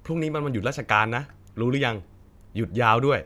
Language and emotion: Thai, neutral